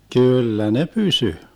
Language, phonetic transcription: Finnish, 'kỳllä ne 'pysy .
- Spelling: kyllä ne pysyi

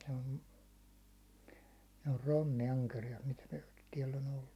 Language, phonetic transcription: Finnish, se on , ne or 'ronni₍'ankerijat mitä tiɛll ‿o'n ‿ollu .
- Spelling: se on ne on rommiankeriaat mitä täällä on ollut

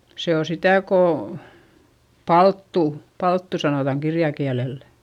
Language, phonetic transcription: Finnish, se ‿o sitä̀ kò , palttù , palttu sanotaŋ kirjakiälellÄ .
- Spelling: se on sitä kun palttua palttu sanotaan kirjakielellä

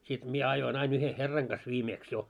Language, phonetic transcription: Finnish, sit 'mie ajoi'n ‿ain yhe 'herraŋ ɢas 'viimeeks jo .
- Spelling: sitten minä ajoin aina yhden herran kanssa viimeksi jo

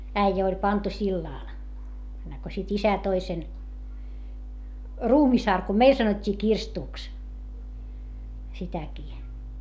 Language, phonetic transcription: Finnish, äijä oĺ pantu sillàl , enneŋko sit isä toi sen , ruumisarkum - meil sanot́t́ii kirstùks , sitäkii .
- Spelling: äijä oli pantu sillalle ennen kuin sitten isä toi sen ruumisarkun meille sanottiin kirstuksi sitäkin

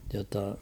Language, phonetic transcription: Finnish, jotta ...
- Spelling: jotta

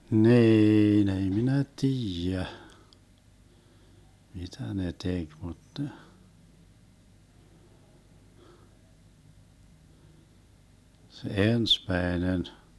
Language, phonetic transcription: Finnish, 'niin ‿ei 'minä "tiijä , 'mitä ne 'tek mut ne , se 'ensmäenen ,.
- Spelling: niin ei minä tiedä mitä ne teki mutta ne se ensimmäinen

